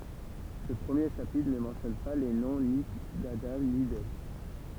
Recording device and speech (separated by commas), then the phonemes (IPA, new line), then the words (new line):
temple vibration pickup, read sentence
sə pʁəmje ʃapitʁ nə mɑ̃tjɔn pa le nɔ̃ ni dadɑ̃ ni dɛv
Ce premier chapitre ne mentionne pas les noms ni d'Adam, ni d'Ève.